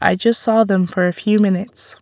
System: none